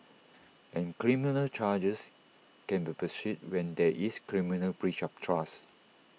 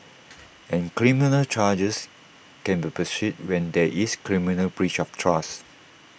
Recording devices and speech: mobile phone (iPhone 6), boundary microphone (BM630), read sentence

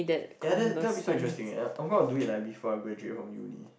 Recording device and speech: boundary microphone, conversation in the same room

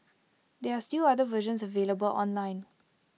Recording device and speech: mobile phone (iPhone 6), read sentence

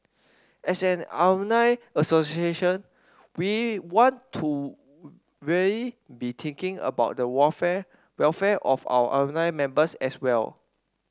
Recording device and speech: standing microphone (AKG C214), read sentence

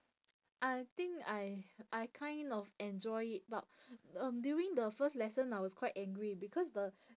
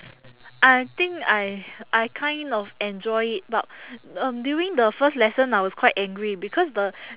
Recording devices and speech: standing microphone, telephone, conversation in separate rooms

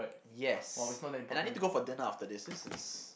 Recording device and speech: boundary microphone, conversation in the same room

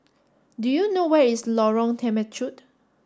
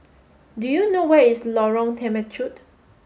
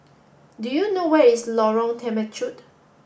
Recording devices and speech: standing microphone (AKG C214), mobile phone (Samsung S8), boundary microphone (BM630), read sentence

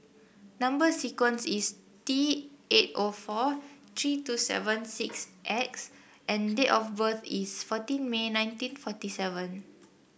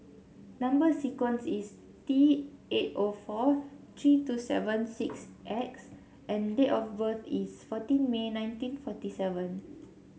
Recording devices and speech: boundary microphone (BM630), mobile phone (Samsung C7), read sentence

